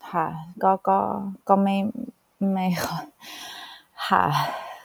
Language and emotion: Thai, frustrated